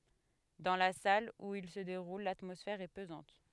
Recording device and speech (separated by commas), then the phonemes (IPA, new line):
headset microphone, read sentence
dɑ̃ la sal u il sə deʁul latmɔsfɛʁ ɛ pəzɑ̃t